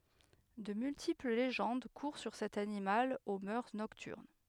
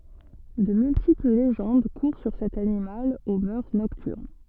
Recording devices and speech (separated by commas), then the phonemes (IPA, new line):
headset microphone, soft in-ear microphone, read sentence
də myltipl leʒɑ̃d kuʁ syʁ sɛt animal o mœʁ nɔktyʁn